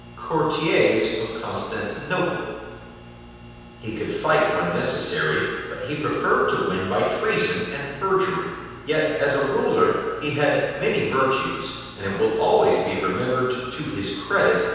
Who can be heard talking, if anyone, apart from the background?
One person.